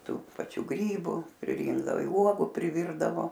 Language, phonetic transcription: Lithuanian, ˈtų paˈčių ˈgrybu priˈrynkdavo i ˈuogu priˈvyrdavo

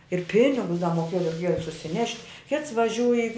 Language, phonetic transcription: Lithuanian, ir ˈpinigus da moˈkėjo reiˈkėjo susiˈnešt' kits vaˈžiūj i

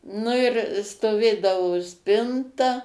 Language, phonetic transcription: Lithuanian, nu ir stoˈvėdavo ˈspinta

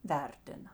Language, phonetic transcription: Lithuanian, ˈvertina

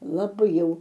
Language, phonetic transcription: Lithuanian, laˈbai jau

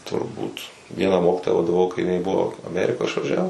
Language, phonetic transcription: Lithuanian, turˈbūt ˈvieną ˈmokytoja vadaˈvau kai iˈnai ˈbuvo aˈmeriko išvaˈžiavus

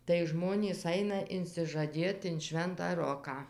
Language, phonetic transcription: Lithuanian, tai ˈžmonys ˈaina insižaˈdėt in ˈšventą ˈroką

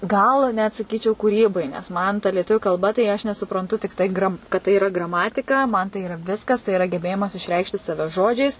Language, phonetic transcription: Lithuanian, ˈgal net saˈkyčiau kūˈrybai nes ˈman ta lieˈtuviu kalˈba tai ˈaš nesupranˈtu tikˈtai gram kad tai yˈra graˈmatika man tai yˈra ˈviskas tai iˈra geˈbėjimas išˈreikšti ˈsave ˈžodžiais

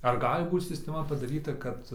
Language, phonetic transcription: Lithuanian, ar ˈgali ˈbūt sisteˈma padaˈryta kad

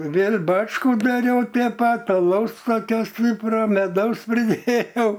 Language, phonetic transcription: Lithuanian, ˈvėl' ˈbačkų daˈriau te ˈpat aˈlaus koˈkio ˈstypro meˈdaus priˈdėjau

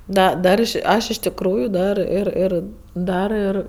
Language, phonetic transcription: Lithuanian, ˈda ˈdar aš ˈaš iš tikˈrųju ˈdar ˈir ˈir ˈdar ir

